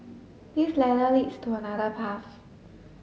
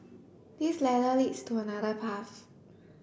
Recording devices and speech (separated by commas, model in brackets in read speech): mobile phone (Samsung S8), boundary microphone (BM630), read sentence